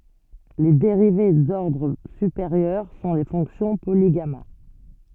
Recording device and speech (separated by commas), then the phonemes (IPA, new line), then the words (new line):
soft in-ear microphone, read sentence
le deʁive dɔʁdʁ sypeʁjœʁ sɔ̃ le fɔ̃ksjɔ̃ poliɡama
Les dérivées d'ordre supérieur sont les fonctions polygamma.